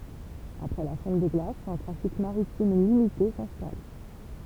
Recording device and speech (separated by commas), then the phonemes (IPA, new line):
temple vibration pickup, read sentence
apʁɛ la fɔ̃t de ɡlasz œ̃ tʁafik maʁitim limite sɛ̃stal